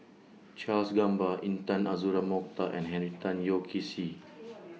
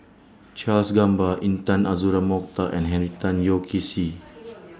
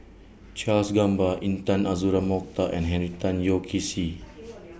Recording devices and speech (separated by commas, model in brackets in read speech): mobile phone (iPhone 6), standing microphone (AKG C214), boundary microphone (BM630), read sentence